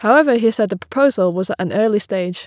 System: none